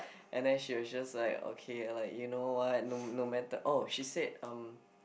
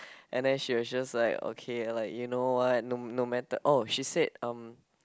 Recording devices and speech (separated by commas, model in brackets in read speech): boundary microphone, close-talking microphone, conversation in the same room